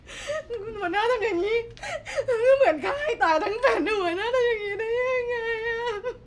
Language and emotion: Thai, sad